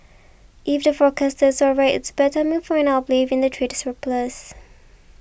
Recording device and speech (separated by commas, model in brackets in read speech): boundary microphone (BM630), read sentence